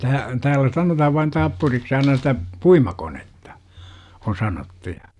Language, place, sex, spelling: Finnish, Jurva, male, - täällä sanotaan vain tappuriksi aina sitä puimakonetta on sanottu ja
- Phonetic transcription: tää- , 'täällä sanotahav vain 'tappuriks aina sitä , "puimakonetta , on 'sanottu ja .

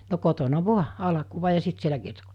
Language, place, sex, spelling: Finnish, Mikkeli, female, no kotona vain alkua ja sitten siellä kiertokoulussa
- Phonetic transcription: no 'kotona "vua , 'alᵃkuva ja 'sit sielä kiertoko[ulussa] .

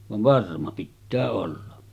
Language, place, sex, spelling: Finnish, Sotkamo, male, vaan varma pitää olla
- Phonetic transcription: vav 'varma pittää olla .

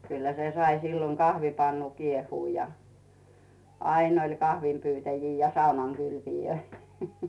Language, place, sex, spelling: Finnish, Rautu, female, kyllä se sai silloin kahvipannu kiehua ja aina oli kahvinpyytäjiä ja saunankylpijöitä
- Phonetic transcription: 'kyllä se sai silloŋ 'kahvipannu 'kiehuu ja , 'ain ‿oĺ "kahvim'pytäjii ja "saunaŋ'kylpijöi .

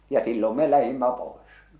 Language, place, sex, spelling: Finnish, Salla, male, ja silloin me lähdimme pois
- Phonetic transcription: ja 'sillom me 'lähimmä 'poes .

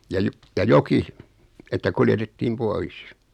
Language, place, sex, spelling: Finnish, Noormarkku, male, ja - ja joki että kuljetettiin pois
- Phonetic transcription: ja 'jo- , ja "joki , että 'kuljetettiim 'pois .

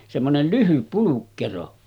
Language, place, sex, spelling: Finnish, Sotkamo, male, semmoinen lyhyt pulkkero
- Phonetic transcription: semmonel 'lyhyp pulukkero .

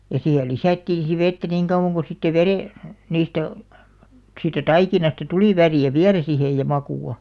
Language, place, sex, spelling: Finnish, Alastaro, female, ja siihen lisättiin sitten vettä niin kauan kuin sitten - niistä siitä taikinasta tuli väriä vielä siihen ja makua
- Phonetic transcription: ja 'siihe "lisä̀ttiin̬ si 'vettä niŋ kauʷaŋ ko sitte 'verè- , 'niistä , siittä "taikinasta 'tulì 'värì₍ä "viälä sihej ja 'makù₍a .

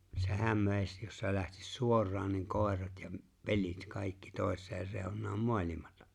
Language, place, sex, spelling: Finnish, Lapinlahti, male, sehän veisi jos se lähtisi suoraan niin koirat ja - pelit kaikki toiseen reunaan maailmaa
- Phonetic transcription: se'häm 'vèis jos se lähtis 'suor̆raan ni 'kòerat ja m̥- , 'peĺ̀it 'kàikki 'tòes̆seer 'rèoǹaam "moàĺ̀imata .

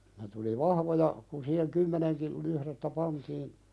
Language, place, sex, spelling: Finnish, Pälkäne, male, siinä tuli vahvoja kun siihen kymmenenkin lyhdettä pantiin
- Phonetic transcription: [sii]nä tuli "vahvoja , kun siiheŋ 'kymmeneŋkil , luhðettä "pantiin ,.

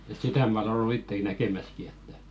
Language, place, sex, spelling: Finnish, Velkua, male, joo että että sitä minä olen ollut itsekin näkemässäkin että
- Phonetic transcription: joo ᴱᵗ§ ᵉᵗ "sitä mä oˡᵉ ollu 'itteki 'näkemäski ettᴀ̈ ,.

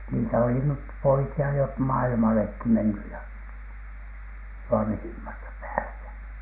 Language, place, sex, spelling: Finnish, Alatornio, male, niitä oli nyt poikia jo - maailmallekin mennyt ja vanhimmasta päästä
- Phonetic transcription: niitä oli nyt "poiki₍a jo p- , 'mailmalekki menny ja , 'vanhiimasta päästä .

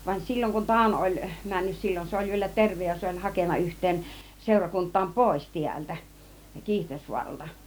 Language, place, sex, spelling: Finnish, Kiihtelysvaara, female, vaan silloin kun Tauno oli mennyt silloin se oli vielä terve ja se oli hakenut yhteen seurakuntaan pois täältä Kiihtelysvaaralta
- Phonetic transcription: van 'sil͕l͕oŋ kun "Tàuno oĺ , 'männys 'sil͕l͕on se oĺ vielä "tervej ja 'se oĺ "hakenna 'yht̆teen , 'sèurakunt̆taam "pòis 'tiältä , 'Kiihtelysvuaralta .

